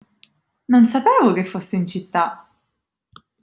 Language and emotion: Italian, surprised